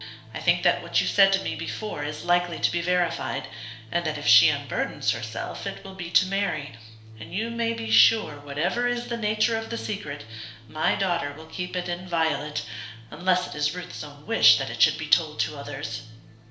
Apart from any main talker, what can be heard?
Music.